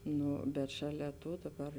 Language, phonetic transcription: Lithuanian, ˈnu bet šaˈlia ˈto daˈbar

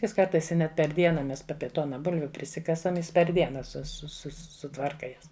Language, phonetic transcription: Lithuanian, ˈjis ˈkartais i ˈnet per ˈdiena ˈmes p ˈapie ˈtona ˈbulviu priˈsikasam ˈjis per ˈdiena su su su suˈtvarka ˈjas

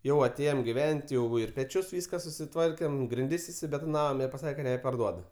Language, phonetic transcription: Lithuanian, ˈjau aˈtėjom giˈven't' ˈjau ir peˈčius ˈvyska susiˈtvarkėm grinˈdis išsibetoˈnavom ir paˈsake ka neparˈduodu

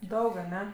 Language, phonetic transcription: Lithuanian, ˈdaug aˈne

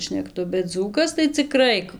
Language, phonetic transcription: Lithuanian, šnekˈtu bet ˈdzūkas tai ciˈkrai

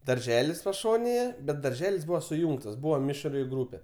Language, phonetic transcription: Lithuanian, darˈželis paˈšonėje bet darˈželis ˈbūva suˈjūngtas ˈbūva ˈmišri ˈgrūpe

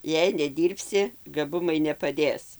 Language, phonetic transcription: Lithuanian, jei neˈdyrbsi gaˈbumai nepaˈdės

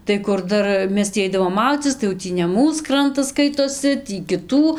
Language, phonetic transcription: Lithuanian, tai ˈkur ˈdar ˈmes tį ˈaidavom ˈmaudzycis tai jau ˈtį ne ˈmūs ˈkrantas ˈskaitosi ˈtį kiˈtų

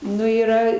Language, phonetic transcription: Lithuanian, ˈnu yˈra

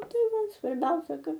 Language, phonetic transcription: Lithuanian, ˈtai ˈva svarˈbiausia ˈkad

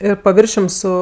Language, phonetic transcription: Lithuanian, ˈir paˈviršium ˈsu

